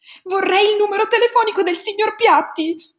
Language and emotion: Italian, fearful